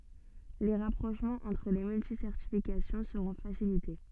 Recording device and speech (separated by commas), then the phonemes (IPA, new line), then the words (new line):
soft in-ear microphone, read sentence
le ʁapʁoʃmɑ̃z ɑ̃tʁ le myltisɛʁtifikasjɔ̃ səʁɔ̃ fasilite
Les rapprochements entre les multi-certifications seront facilités.